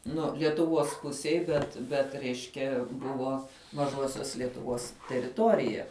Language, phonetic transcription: Lithuanian, ˈnu lietuˈvuos ˈpusiej bet ˈbet ˈreiškia ˈbuvo maˈžuosios lietuˈvos teriˈtorija

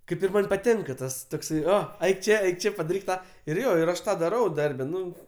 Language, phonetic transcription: Lithuanian, ˈkaip ir ˈman' paˈtinka ˈtas tokˈsai ˈo aik ˈčė aik ˈčia čė padaˈryk ˈtą ir ˈjo ir ˈaš ˈtą daˈrau ˈdarbe ˈnu

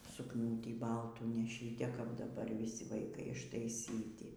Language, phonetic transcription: Lithuanian, sukˈnūtį ˈbaltų neˈšy te kap daˈbar vyˈsi vaiˈkai ištaiˈsyti

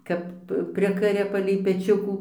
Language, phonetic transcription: Lithuanian, ˈkap ˈprikaria palei peˈčiukų

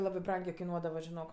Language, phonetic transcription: Lithuanian, ˈlabɜ ˈbrangė kaiˈnuodava žiˈnok

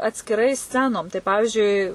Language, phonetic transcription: Lithuanian, atskiˈrai ˈscenom tai ˈpavižiui

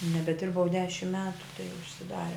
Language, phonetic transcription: Lithuanian, nebeˈdirbau ˈdešimt ˈmetu tai užsiˈdare

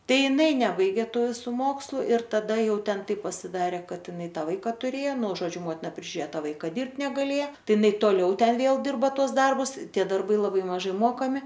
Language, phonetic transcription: Lithuanian, ˈtai iˈnai ˈnebaigė ˈtų viˈsų ˈmokslu ir taˈda ˈjau ˈten ˈtaip pasiˈdarė ˈkad iˈnai ˈtą ˈvaika tuˈrėjo nu žoˈdžiu ˈmotina prižiuˈrėjo ˈtą ˈvaika ˈdirbt negaˈlėje ˈtai iˈnai toˈliau ˈten ˈvėl ˈdirba ˈtuos ˈdarbus ˈtie darˈbai laˈbai maˈžai ˈmokami

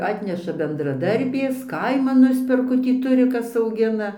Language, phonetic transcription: Lithuanian, ˈatneša bendraˈdarbės ˈkaiman ˈnusperku tį ˈturiˈkas auˈgina

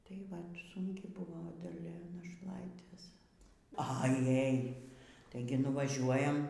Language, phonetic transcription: Lithuanian, tai ˈvat sunˈki ˈbuvo daˈlia našˈlaitės aˈjaj ˈtaigi nuvaˈžiuojam

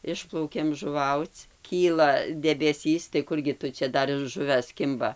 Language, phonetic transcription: Lithuanian, ˈišplaukėm žuˈvauc ˈkyla debeˈsys tai ˈkurgi tu ˈčia ˈdar ir ˈžuves ˈkimba

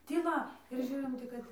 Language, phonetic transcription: Lithuanian, tyˈla ir ˈžiūrim ˈtik kad

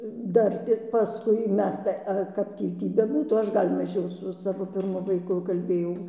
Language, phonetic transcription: Lithuanian, ˈdar tik paˈskui ˈmes tai ˈa ˈkap tį ˈtį beˈbūtų ˈaš ˈgal' maˈžiau su ˈsavo pirˈmu vaiˈku kalˈbėjau

